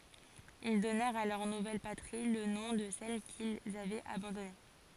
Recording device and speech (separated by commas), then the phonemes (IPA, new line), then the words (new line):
forehead accelerometer, read sentence
il dɔnɛʁt a lœʁ nuvɛl patʁi lə nɔ̃ də sɛl kilz avɛt abɑ̃dɔne
Ils donnèrent à leur nouvelle patrie, le nom de celle qu'ils avaient abandonnée.